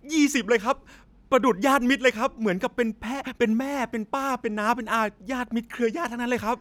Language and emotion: Thai, happy